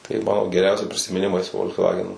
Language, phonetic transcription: Lithuanian, tai ˈmano geˈriausi prisimiˈnimai su fol'ksˈvagenu/volkswagen

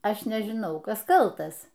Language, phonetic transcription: Lithuanian, ˈaš nežiˈnau ˈkas kalˈtas

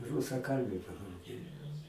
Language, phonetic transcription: Lithuanian, rusaˈkalbiu padauˈgėjo

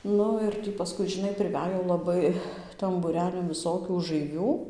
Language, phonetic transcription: Lithuanian, ˈnu ir ˈtį paˈskui žiˈnai priˈvæj jau laˈbai tam būˈrelin viˈsokių užaiˈvių

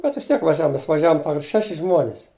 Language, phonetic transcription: Lithuanian, bet vis ˈtiek vaˈžiavom ˈmes vaˈžiavom ˈtau ir ˈšeši ˈžmuonis

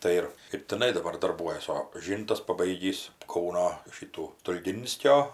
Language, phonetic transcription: Lithuanian, ˈtai ir ir tiˈnai daˈbar darˈbuojas o ˈžyntas paˈbaigįs ˈkauno ˈšytų stulˈginskio

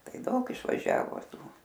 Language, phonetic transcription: Lithuanian, ˈtai ˈdaug išvaˈžiavo ˈtų

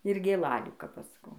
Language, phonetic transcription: Lithuanian, ir gėˈlalių kap ˈaš saˈkau

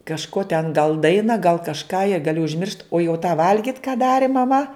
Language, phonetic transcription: Lithuanian, kažˈko ten gal ˈdaina gal kažˈką ja gaˈli užˈmiršt o jau tą ˈvalgit ką ˈdari maˈma

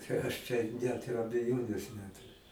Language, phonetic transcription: Lithuanian, čia ˈaš čia ˈnet ir abeˈjonės ˈneturiu

